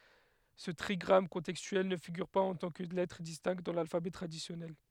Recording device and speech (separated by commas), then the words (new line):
headset microphone, read sentence
Ce trigramme contextuel ne figure pas en tant que lettre distincte dans l’alphabet traditionnel.